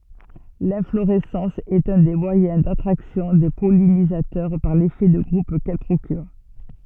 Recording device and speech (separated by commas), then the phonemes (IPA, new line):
soft in-ear microphone, read sentence
lɛ̃floʁɛsɑ̃s ɛt œ̃ de mwajɛ̃ datʁaksjɔ̃ de pɔlinizatœʁ paʁ lefɛ də ɡʁup kɛl pʁokyʁ